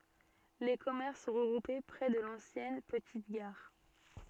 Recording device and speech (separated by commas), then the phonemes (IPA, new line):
soft in-ear microphone, read sentence
le kɔmɛʁs sɔ̃ ʁəɡʁupe pʁɛ də lɑ̃sjɛn pətit ɡaʁ